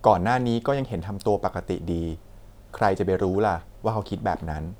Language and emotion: Thai, neutral